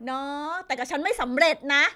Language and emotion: Thai, frustrated